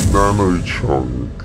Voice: deep voice